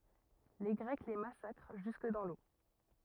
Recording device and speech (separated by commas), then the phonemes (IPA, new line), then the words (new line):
rigid in-ear microphone, read sentence
le ɡʁɛk le masakʁ ʒysk dɑ̃ lo
Les Grecs les massacrent jusque dans l'eau.